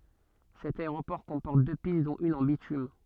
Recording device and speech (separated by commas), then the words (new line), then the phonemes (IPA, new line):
soft in-ear microphone, read sentence
Cet aéroport comporte deux pistes dont une en bitume.
sɛt aeʁopɔʁ kɔ̃pɔʁt dø pist dɔ̃t yn ɑ̃ bitym